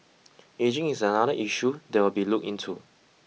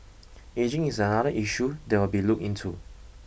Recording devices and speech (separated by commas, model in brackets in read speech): mobile phone (iPhone 6), boundary microphone (BM630), read sentence